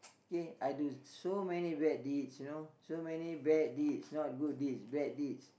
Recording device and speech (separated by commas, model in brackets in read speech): boundary microphone, conversation in the same room